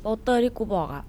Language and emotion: Thai, neutral